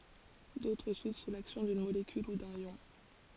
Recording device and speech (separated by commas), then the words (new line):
forehead accelerometer, read sentence
D'autres s'ouvrent sous l'action d'une molécule ou d'un ion.